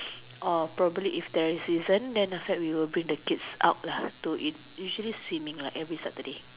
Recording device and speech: telephone, conversation in separate rooms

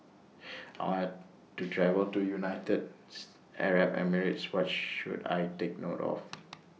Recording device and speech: mobile phone (iPhone 6), read sentence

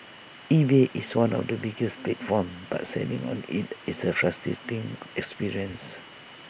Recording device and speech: boundary microphone (BM630), read sentence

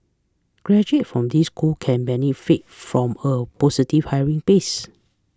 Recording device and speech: close-talking microphone (WH20), read sentence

